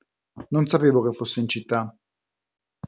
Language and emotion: Italian, neutral